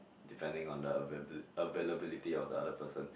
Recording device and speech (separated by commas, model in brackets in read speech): boundary microphone, conversation in the same room